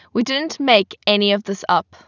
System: none